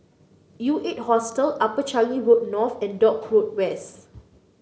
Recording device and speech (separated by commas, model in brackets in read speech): mobile phone (Samsung C9), read sentence